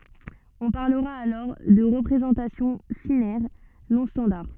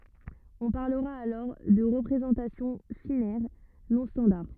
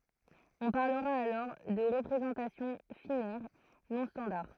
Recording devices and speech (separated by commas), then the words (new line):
soft in-ear microphone, rigid in-ear microphone, throat microphone, read sentence
On parlera alors de représentations phinaires non standards.